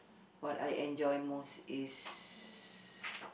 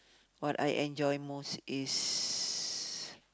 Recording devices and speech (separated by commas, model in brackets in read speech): boundary microphone, close-talking microphone, conversation in the same room